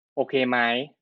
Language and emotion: Thai, neutral